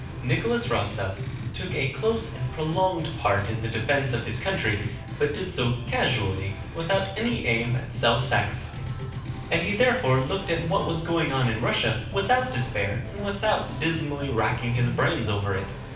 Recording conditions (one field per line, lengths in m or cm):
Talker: one person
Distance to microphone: 5.8 m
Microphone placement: far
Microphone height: 1.8 m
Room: medium-sized (5.7 m by 4.0 m)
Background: music